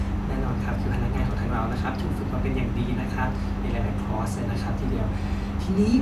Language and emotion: Thai, happy